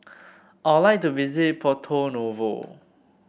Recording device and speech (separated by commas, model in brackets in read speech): boundary microphone (BM630), read sentence